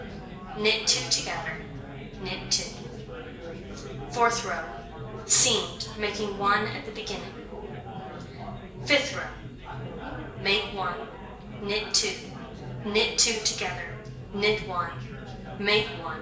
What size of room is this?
A large space.